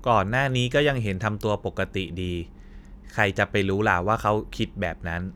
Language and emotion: Thai, neutral